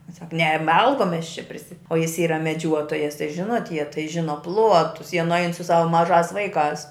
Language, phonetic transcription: Lithuanian, ˈsak ne ˈmalkom ˈmes čia prisi o jis ˈyra meˈdžiuotojas tai ˈžinot jie tai ˈžino ˈpluotus jie nuˈain su ˈsava maˈžās ˈvaiˌkās

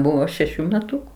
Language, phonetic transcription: Lithuanian, ˈbuvo šeˈšių meˈtuku

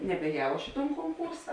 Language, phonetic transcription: Lithuanian, nebēˈjau ˈaš i ton konˈkūrsa

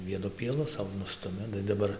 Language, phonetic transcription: Lithuanian, ˈvienu pieˈlu ˈsau ˈnustumi tai daˈbar

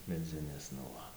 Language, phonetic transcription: Lithuanian, meˈdzinės nu ˈva

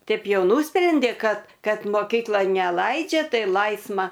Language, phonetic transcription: Lithuanian, ˈtaip ˈjau ˈnusprendė ˈkad ˈkad moˈkyklon neˈlaidžia ˈtai ˈlaisma

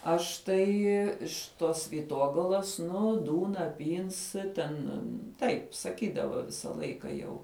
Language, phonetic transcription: Lithuanian, ˈaš tai iš ˈtos vyˈtogalas ˈnu ˈdūna ˈpyns ˈten ˈtaip saˈkydava ˈvisa ˈlaika jau

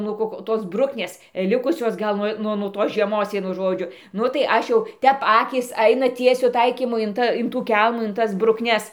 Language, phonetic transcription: Lithuanian, ˈnuo kok ˈtos ˈbruknės ˈlikusios gal ˈnuo nu nuo ˈtos žieˈmos ˈvienu ˈžodžiu ˈnu tai ˈaš jau ˈtep ˈakys ˈaina ˈtiesiu ˈtaikymu in ˈta in tų ˈkelmų in ˈtas brukˈnes

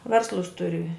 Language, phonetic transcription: Lithuanian, ˈverslus ˈturi

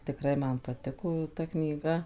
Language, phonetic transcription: Lithuanian, tikˈrai ˈman paˈtiko jau ˈta knyˈga

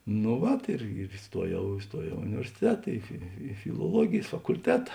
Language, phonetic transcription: Lithuanian, nu ˈvat ir ir iˈstuojau iˈstuojau i universiˈteta i i filuoˈluogėjs fakulˈteta

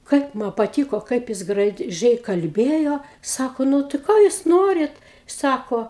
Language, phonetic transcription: Lithuanian, ˈkaip ma paˈtyko ˈkaip jis graˈžiai kalˈbėjo ˈsako ˈnu tai ˈko jūs ˈnorit ˈsako

